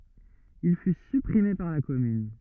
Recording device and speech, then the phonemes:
rigid in-ear microphone, read sentence
il fy sypʁime paʁ la kɔmyn

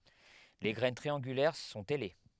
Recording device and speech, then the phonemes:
headset microphone, read sentence
le ɡʁɛn tʁiɑ̃ɡylɛʁ sɔ̃t ɛle

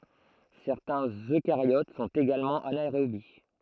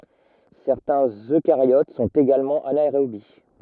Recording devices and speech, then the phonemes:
throat microphone, rigid in-ear microphone, read sentence
sɛʁtɛ̃z økaʁjot sɔ̃t eɡalmɑ̃ anaeʁobi

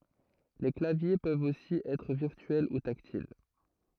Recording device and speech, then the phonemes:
throat microphone, read sentence
le klavje pøvt osi ɛtʁ viʁtyɛl u taktil

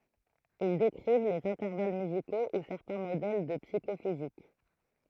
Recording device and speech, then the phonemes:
throat microphone, read sentence
il dekʁiv lez ɛ̃tɛʁval myziko u sɛʁtɛ̃ modɛl də psikofizik

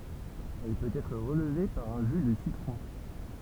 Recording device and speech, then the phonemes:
temple vibration pickup, read sentence
ɛl pøt ɛtʁ ʁəlve paʁ œ̃ ʒy də sitʁɔ̃

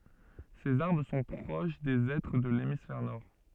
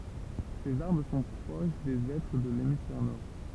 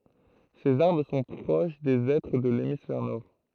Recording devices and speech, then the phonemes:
soft in-ear microphone, temple vibration pickup, throat microphone, read sentence
sez aʁbʁ sɔ̃ pʁoʃ de ɛtʁ də lemisfɛʁ nɔʁ

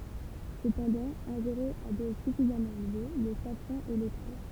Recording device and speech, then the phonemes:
temple vibration pickup, read sentence
səpɑ̃dɑ̃ ɛ̃ʒeʁe a dɔz syfizamɑ̃ elve lə safʁɑ̃ ɛ letal

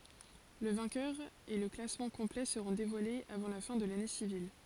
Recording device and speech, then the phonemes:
forehead accelerometer, read sentence
lə vɛ̃kœʁ e lə klasmɑ̃ kɔ̃plɛ səʁɔ̃ devwalez avɑ̃ la fɛ̃ də lane sivil

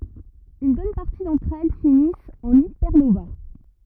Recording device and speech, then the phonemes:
rigid in-ear microphone, read sentence
yn bɔn paʁti dɑ̃tʁ ɛl finist ɑ̃n ipɛʁnova

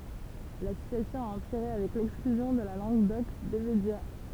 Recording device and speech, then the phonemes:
temple vibration pickup, read sentence
la sityasjɔ̃ a ɑ̃piʁe avɛk lɛksklyzjɔ̃ də la lɑ̃ɡ dɔk de medja

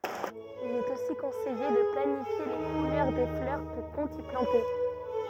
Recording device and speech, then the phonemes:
rigid in-ear microphone, read sentence
il ɛt osi kɔ̃sɛje də planifje le kulœʁ de flœʁ kɔ̃ kɔ̃t i plɑ̃te

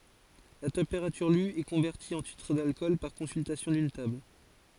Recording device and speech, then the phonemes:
forehead accelerometer, read sentence
la tɑ̃peʁatyʁ ly ɛ kɔ̃vɛʁti ɑ̃ titʁ dalkɔl paʁ kɔ̃syltasjɔ̃ dyn tabl

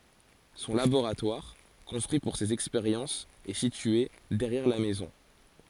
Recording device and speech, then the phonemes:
forehead accelerometer, read sentence
sɔ̃ laboʁatwaʁ kɔ̃stʁyi puʁ sez ɛkspeʁjɑ̃sz ɛ sitye dɛʁjɛʁ la mɛzɔ̃

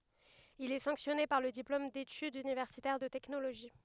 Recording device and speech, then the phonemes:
headset microphone, read sentence
il ɛ sɑ̃ksjɔne paʁ lə diplom detydz ynivɛʁsitɛʁ də tɛknoloʒi

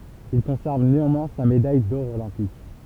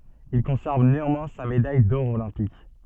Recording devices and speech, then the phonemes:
temple vibration pickup, soft in-ear microphone, read sentence
il kɔ̃sɛʁv neɑ̃mwɛ̃ sa medaj dɔʁ olɛ̃pik

